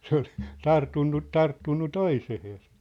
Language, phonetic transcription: Finnish, se ‿ol , 'tart̳unnu , 'tarttunnu 'toiseheesᴀ .
- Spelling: se oli tarttunut tarttunut toiseen

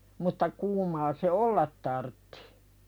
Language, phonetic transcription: Finnish, mutta 'kuumaa se "ollat tarttɪ .
- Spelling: mutta kuumaa se olla tarvitsi

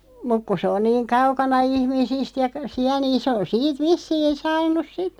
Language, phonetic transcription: Finnish, 'muk ku sᵉ on 'niiŋ 'kaukana "ihmisist ja 'siä niin se on 'siit 'vissiin̬ 'saan̆nus "sit .
- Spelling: mutta kun se on niin kaukana ihmisistä ja siellä niin se on siitä vissiin saanut sitten

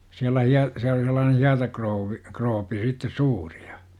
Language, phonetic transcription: Finnish, siälä 'hia- , siäl ‿oli sellaanen̬ "hiatakrouvvi , 'kroopi sittes "suuRI JA , m ‿olima "siälä 'sitten̬ .
- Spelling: siellä - siellä oli sellainen hietakrouvi krooppi sitten suuri ja me olimme siellä sitten

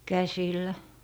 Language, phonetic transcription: Finnish, "käsillä .
- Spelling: käsillä

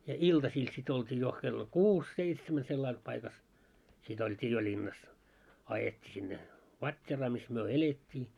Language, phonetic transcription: Finnish, ja 'iltasiil sit olt́ii jo , kello "kuus 'seitsemä sellail paikas , 'sit ‿olt́ii jo 'ĺinnas , 'ajetti sinne , 'vat́t́eraa mis myö "elet́t́ii .
- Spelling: ja iltasilla sitten oltiin jo kello kuusi seitsemän sillä lailla paikassa sitten oltiin jo linnassa ajettiin sinne vatteeraan missä me elettiin

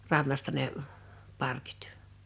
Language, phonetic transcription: Finnish, 'rannasta ne , 'parkɪɪt .
- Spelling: rannasta ne parkit

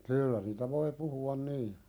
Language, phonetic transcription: Finnish, kyyllä niitä voi 'puhu₍an nii .
- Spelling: kyllä niitä voi puhua niin

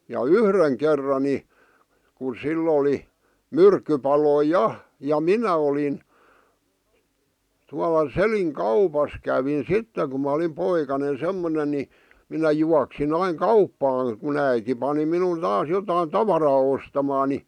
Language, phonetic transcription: Finnish, ja "yhreŋ kerra ni , ku 'sill ‿oli , "myrkkypaloi "ja , ja "minä olin , 'tuala "Seliŋ "kaupas kävin 'sitte ku mä ᵒlim 'poikane 'semmonen̆ ni , minä 'juaksin ‿aiŋ "kauppaaŋ , ku'n ‿äiti pani minun 'taas jotai "tavaraa ostamaa ni .
- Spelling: ja yhden kerran niin kun sillä oli myrkkypaloja ja ja minä olin tuolla Selin kaupassa kävin sitten kun minä olin poikanen semmoinen niin minä juoksin aina kauppaan kun äiti pani minun taas jotakin tavaraa ostamaan niin

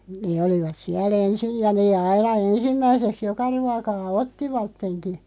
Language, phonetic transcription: Finnish, nee 'olivat 'siä"l ‿ensij ja nee 'aina "ensimmäiseks "joka 'ruakaa "ottivatteŋki .
- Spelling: ne olivat siellä ensin ja ne aina ensimmäiseksi joka ruokaa ottivatkin

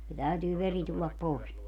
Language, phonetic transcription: Finnish, se 'täytyy 'veri tullap 'pòes .
- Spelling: se täytyy veri tulla pois

